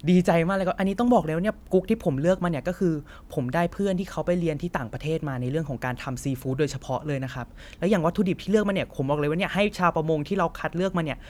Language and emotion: Thai, happy